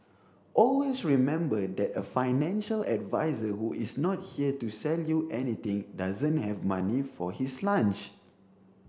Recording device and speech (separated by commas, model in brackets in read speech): standing microphone (AKG C214), read sentence